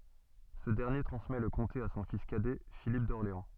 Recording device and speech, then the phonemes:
soft in-ear microphone, read sentence
sə dɛʁnje tʁɑ̃smɛ lə kɔ̃te a sɔ̃ fis kadɛ filip dɔʁleɑ̃

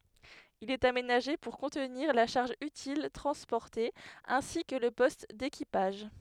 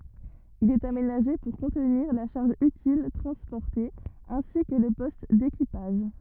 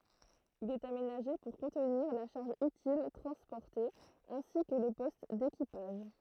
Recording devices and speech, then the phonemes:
headset microphone, rigid in-ear microphone, throat microphone, read sentence
il ɛt amenaʒe puʁ kɔ̃tniʁ la ʃaʁʒ ytil tʁɑ̃spɔʁte ɛ̃si kə lə pɔst dekipaʒ

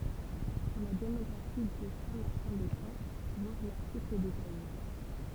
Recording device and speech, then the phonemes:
temple vibration pickup, read sentence
puʁ la demɔɡʁafi də sɛ̃ maʁtɛ̃ de ʃɑ̃ vwaʁ laʁtikl detaje

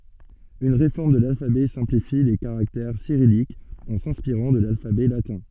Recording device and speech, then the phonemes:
soft in-ear microphone, read sentence
yn ʁefɔʁm də lalfabɛ sɛ̃plifi le kaʁaktɛʁ siʁijikz ɑ̃ sɛ̃spiʁɑ̃ də lalfabɛ latɛ̃

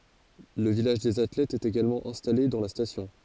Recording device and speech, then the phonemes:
forehead accelerometer, read sentence
lə vilaʒ dez atlɛtz ɛt eɡalmɑ̃ ɛ̃stale dɑ̃ la stasjɔ̃

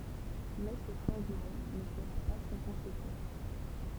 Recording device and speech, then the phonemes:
temple vibration pickup, read sentence
mɛ sə ʃɑ̃ʒmɑ̃ nə səʁa pa sɑ̃ kɔ̃sekɑ̃s

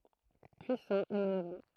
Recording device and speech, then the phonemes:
throat microphone, read sentence
pyisɑ̃ e manœvʁɑ̃

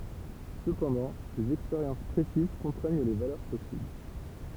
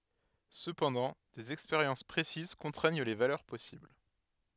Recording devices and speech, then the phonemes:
temple vibration pickup, headset microphone, read sentence
səpɑ̃dɑ̃ dez ɛkspeʁjɑ̃s pʁesiz kɔ̃tʁɛɲ le valœʁ pɔsibl

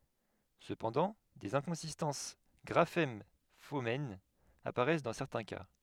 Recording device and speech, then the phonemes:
headset microphone, read sentence
səpɑ̃dɑ̃ dez ɛ̃kɔ̃sistɑ̃s ɡʁafɛm fonɛm apaʁɛs dɑ̃ sɛʁtɛ̃ ka

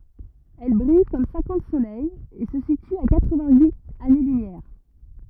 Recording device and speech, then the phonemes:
rigid in-ear microphone, read sentence
ɛl bʁij kɔm sɛ̃kɑ̃t solɛjz e sə sity a katʁ vɛ̃t yit ane lymjɛʁ

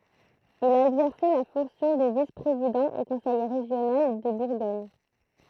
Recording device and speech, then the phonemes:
throat microphone, read sentence
il a ɛɡzɛʁse la fɔ̃ksjɔ̃ də vis pʁezidɑ̃ o kɔ̃sɛj ʁeʒjonal də buʁɡɔɲ

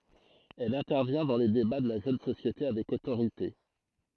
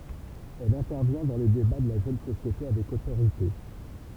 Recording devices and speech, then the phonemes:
throat microphone, temple vibration pickup, read sentence
ɛl ɛ̃tɛʁvjɛ̃ dɑ̃ le deba də la ʒøn sosjete avɛk otoʁite

